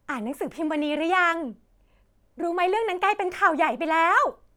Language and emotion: Thai, happy